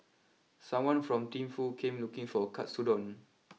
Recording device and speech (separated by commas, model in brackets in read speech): mobile phone (iPhone 6), read sentence